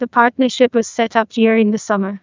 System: TTS, neural waveform model